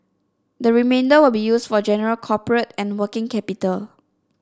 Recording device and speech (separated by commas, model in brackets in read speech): standing microphone (AKG C214), read sentence